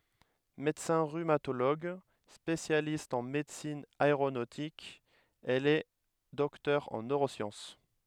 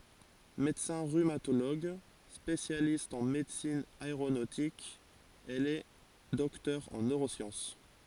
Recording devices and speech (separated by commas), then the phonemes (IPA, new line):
headset microphone, forehead accelerometer, read sentence
medəsɛ̃ ʁymatoloɡ spesjalist ɑ̃ medəsin aeʁonotik ɛl ɛ dɔktœʁ ɑ̃ nøʁosjɑ̃s